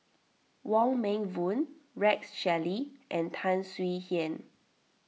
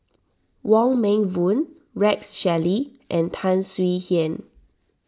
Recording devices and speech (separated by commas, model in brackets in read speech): mobile phone (iPhone 6), standing microphone (AKG C214), read sentence